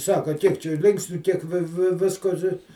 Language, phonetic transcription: Lithuanian, ˈsaka ˈkiek čia ˈlinksniu kiek ˈvi ˈvi ˈvisko ti

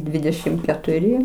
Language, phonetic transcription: Lithuanian, ˈdvidešim ketuˈri

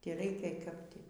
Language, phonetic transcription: Lithuanian, tį ˈreikia kap ˈtį

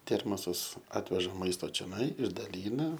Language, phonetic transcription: Lithuanian, ˈtermosas ˈatveža ˈmaisto čioˈnai išdaˈlyna

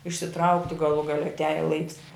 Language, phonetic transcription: Lithuanian, išsiˈtraukti gaˈlų gaˈle atˈiaja laiks

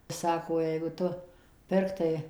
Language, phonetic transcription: Lithuanian, ˈsako jeigu ˈtu ˈpirktai

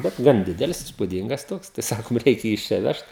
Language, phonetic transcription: Lithuanian, bet ˈgan ˈdidelis ispuˈdyngas ˈtoks tai ˈsakom ˈreikia ˈjį iš ˈčia ˈvežt

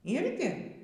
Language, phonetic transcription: Lithuanian, ˈirgi

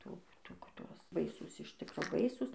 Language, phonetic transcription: Lithuanian, ˈtų ˈtų kad ˈtuos ˈbaisūs iš ˈtikro ˈbaisūs

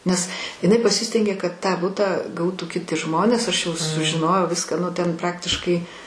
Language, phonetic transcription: Lithuanian, nes iˈnai paˈsistengė kad ˈtą ˈbutą ˈgautų kiˈti ˈžmonės ˈaš jau sužiˈnojau ˈviską ˈnu ˈten ˈpraktiškai

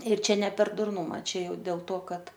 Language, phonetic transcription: Lithuanian, ir ˈčia ne per durˈnuma ˈčia ˈjau dėl to ˈkad

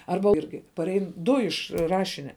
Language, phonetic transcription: Lithuanian, ˈarba ˈirgi paˈrein ˈdu iš ˈrašinia

